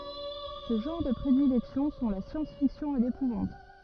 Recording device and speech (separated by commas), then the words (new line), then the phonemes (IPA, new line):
rigid in-ear microphone, read sentence
Ses genres de prédilection sont la science-fiction et l’épouvante.
se ʒɑ̃ʁ də pʁedilɛksjɔ̃ sɔ̃ la sjɑ̃sfiksjɔ̃ e lepuvɑ̃t